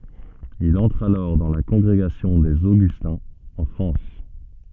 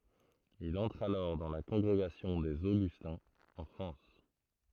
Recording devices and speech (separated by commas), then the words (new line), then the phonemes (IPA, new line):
soft in-ear microphone, throat microphone, read sentence
Il entre alors dans la Congrégation des Augustins, en France.
il ɑ̃tʁ alɔʁ dɑ̃ la kɔ̃ɡʁeɡasjɔ̃ dez oɡystɛ̃z ɑ̃ fʁɑ̃s